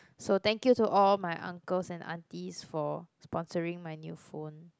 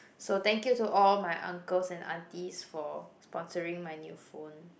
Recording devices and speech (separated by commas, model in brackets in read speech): close-talking microphone, boundary microphone, conversation in the same room